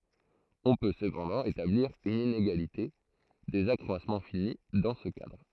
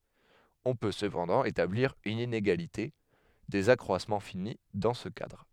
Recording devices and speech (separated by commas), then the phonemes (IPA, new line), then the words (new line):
throat microphone, headset microphone, read sentence
ɔ̃ pø səpɑ̃dɑ̃ etabliʁ yn ineɡalite dez akʁwasmɑ̃ fini dɑ̃ sə kadʁ
On peut cependant établir une inégalité des accroissements finis dans ce cadre.